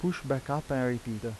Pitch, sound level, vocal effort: 135 Hz, 84 dB SPL, normal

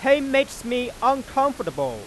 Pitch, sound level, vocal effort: 260 Hz, 101 dB SPL, very loud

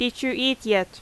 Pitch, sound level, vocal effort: 245 Hz, 86 dB SPL, very loud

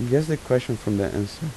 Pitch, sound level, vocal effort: 125 Hz, 81 dB SPL, soft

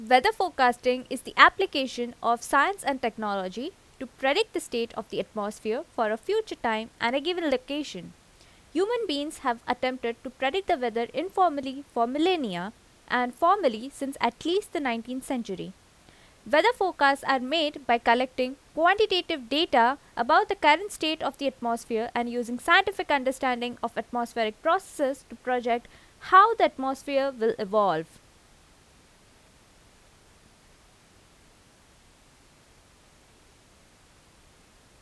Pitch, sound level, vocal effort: 255 Hz, 87 dB SPL, loud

